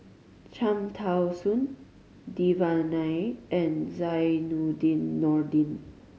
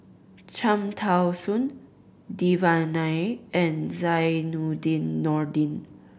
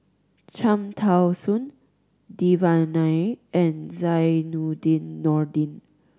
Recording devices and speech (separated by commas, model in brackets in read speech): mobile phone (Samsung C5010), boundary microphone (BM630), standing microphone (AKG C214), read sentence